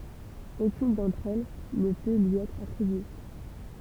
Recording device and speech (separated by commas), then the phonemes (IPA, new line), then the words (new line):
temple vibration pickup, read sentence
okyn dɑ̃tʁ ɛl nə pø lyi ɛtʁ atʁibye
Aucune d’entre elles ne peut lui être attribuée.